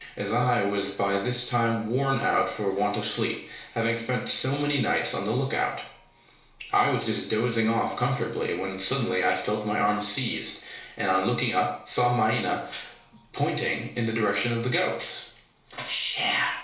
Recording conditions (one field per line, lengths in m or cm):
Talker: one person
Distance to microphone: 1.0 m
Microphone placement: close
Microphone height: 1.1 m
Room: small (3.7 m by 2.7 m)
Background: television